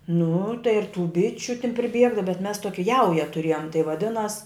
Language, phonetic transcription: Lithuanian, nu tai ir tų ˈbičiu tin priˈbiega bet mes toki ˈjauja tuˈrėjom tai vaˈdinas

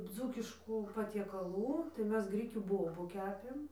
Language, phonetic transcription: Lithuanian, ˈdzūkiškų patiekaˈlų tai ˈmes ˈgrikių ˈbobu ˈkepėm

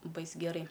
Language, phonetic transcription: Lithuanian, ˈbais ˈgerai

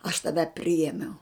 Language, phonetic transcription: Lithuanian, aš taˈve ˈpriėmiau

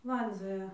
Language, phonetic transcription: Lithuanian, ˈlandzioja

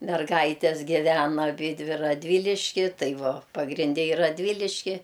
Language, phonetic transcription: Lithuanian, merˈgaites giˈvena aˈbydvi radˈvyliški ˈtai ˈvo pagrinˈde i radˈvyliški

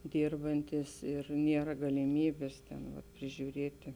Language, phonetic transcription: Lithuanian, ˈdyrbantys ir ˈniera galiˈmybės ˈten vat prižiūˈrėti

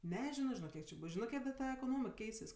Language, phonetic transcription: Lithuanian, neˈžino žiˈnok ˈkiek či ˈbus ˈžinɜ ˈkiek da ˈta ekoˈnomik ˈkeisis

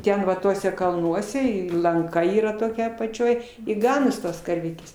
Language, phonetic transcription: Lithuanian, ˈten va ˈtuose kalˈnuose įlanˈka ˈyra toˈkia apaˈčioj i ˈganos ˈtos karˈvytės

